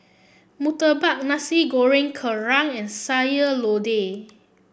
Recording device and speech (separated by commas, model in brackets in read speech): boundary microphone (BM630), read sentence